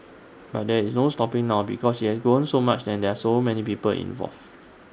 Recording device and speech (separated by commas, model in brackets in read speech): standing microphone (AKG C214), read sentence